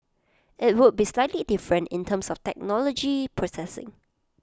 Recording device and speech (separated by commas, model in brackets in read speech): close-talking microphone (WH20), read sentence